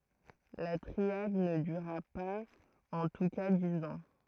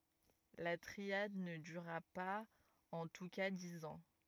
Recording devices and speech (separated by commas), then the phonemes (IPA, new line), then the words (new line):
throat microphone, rigid in-ear microphone, read sentence
la tʁiad nə dyʁa paz ɑ̃ tu ka diz ɑ̃
La triade ne dura pas en tous cas dix ans.